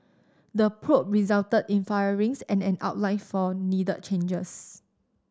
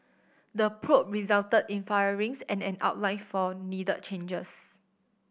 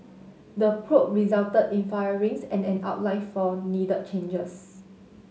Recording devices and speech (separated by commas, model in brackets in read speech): standing microphone (AKG C214), boundary microphone (BM630), mobile phone (Samsung S8), read sentence